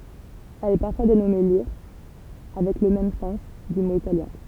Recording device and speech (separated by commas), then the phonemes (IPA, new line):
temple vibration pickup, read sentence
ɛl ɛ paʁfwa denɔme liʁ avɛk lə mɛm sɑ̃s dy mo italjɛ̃